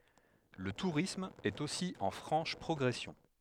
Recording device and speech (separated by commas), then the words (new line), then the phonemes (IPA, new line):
headset microphone, read sentence
Le tourisme est aussi en franche progression.
lə tuʁism ɛt osi ɑ̃ fʁɑ̃ʃ pʁɔɡʁɛsjɔ̃